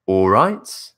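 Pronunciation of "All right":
'All right' finishes with the voice going up, which makes it a question.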